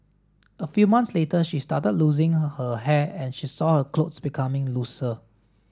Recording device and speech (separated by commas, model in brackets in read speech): standing microphone (AKG C214), read sentence